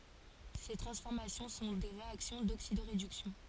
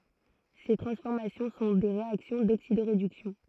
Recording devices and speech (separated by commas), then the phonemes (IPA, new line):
forehead accelerometer, throat microphone, read sentence
se tʁɑ̃sfɔʁmasjɔ̃ sɔ̃ de ʁeaksjɔ̃ doksidoʁedyksjɔ̃